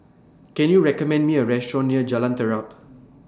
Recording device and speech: standing microphone (AKG C214), read sentence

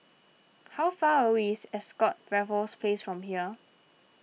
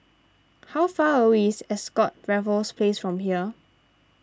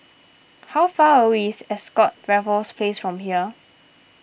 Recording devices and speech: mobile phone (iPhone 6), standing microphone (AKG C214), boundary microphone (BM630), read sentence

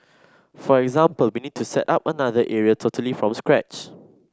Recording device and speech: standing microphone (AKG C214), read sentence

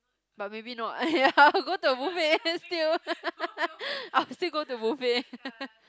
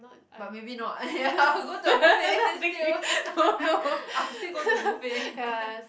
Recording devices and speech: close-talking microphone, boundary microphone, conversation in the same room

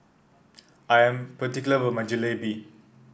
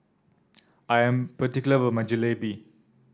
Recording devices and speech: boundary microphone (BM630), standing microphone (AKG C214), read sentence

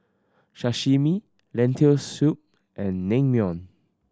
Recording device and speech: standing microphone (AKG C214), read sentence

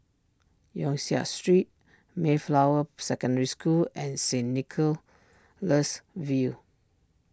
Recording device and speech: standing microphone (AKG C214), read sentence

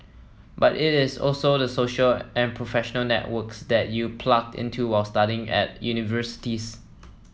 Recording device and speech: mobile phone (iPhone 7), read sentence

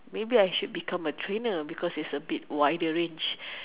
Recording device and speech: telephone, conversation in separate rooms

